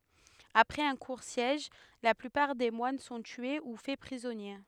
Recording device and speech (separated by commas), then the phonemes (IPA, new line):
headset microphone, read sentence
apʁɛz œ̃ kuʁ sjɛʒ la plypaʁ de mwan sɔ̃ tye u fɛ pʁizɔnje